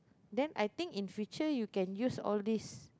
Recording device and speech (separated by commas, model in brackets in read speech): close-talking microphone, conversation in the same room